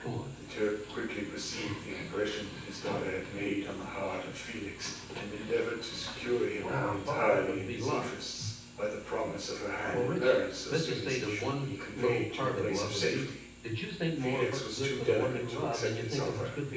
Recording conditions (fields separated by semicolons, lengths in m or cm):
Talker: one person; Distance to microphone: 9.8 m; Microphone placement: far; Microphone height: 1.8 m; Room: large; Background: television